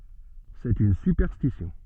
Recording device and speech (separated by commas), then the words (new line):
soft in-ear microphone, read sentence
C’est une superstition.